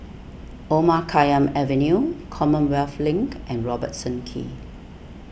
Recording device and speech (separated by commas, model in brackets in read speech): boundary microphone (BM630), read sentence